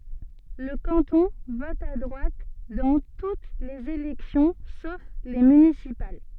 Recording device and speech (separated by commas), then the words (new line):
soft in-ear microphone, read sentence
Le canton vote à droite dans toutes les élections sauf les municipales.